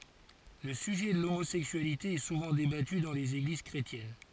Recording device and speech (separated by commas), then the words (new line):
forehead accelerometer, read sentence
Le sujet de l'homosexualité est souvent débattu dans les églises chrétiennes.